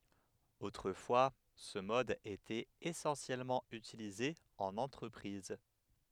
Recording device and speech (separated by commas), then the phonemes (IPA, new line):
headset microphone, read sentence
otʁəfwa sə mɔd etɛt esɑ̃sjɛlmɑ̃ ytilize ɑ̃n ɑ̃tʁəpʁiz